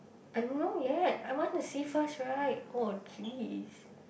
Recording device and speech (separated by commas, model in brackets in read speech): boundary microphone, conversation in the same room